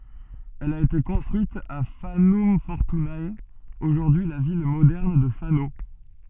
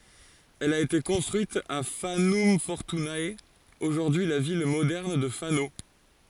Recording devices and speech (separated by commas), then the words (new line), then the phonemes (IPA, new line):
soft in-ear microphone, forehead accelerometer, read sentence
Elle a été construite à Fanum Fortunae, aujourd’hui la ville moderne de Fano.
ɛl a ete kɔ̃stʁyit a fanɔm fɔʁtyne oʒuʁdyi la vil modɛʁn də fano